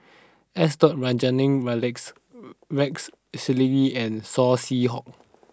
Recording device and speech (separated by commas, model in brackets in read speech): standing microphone (AKG C214), read sentence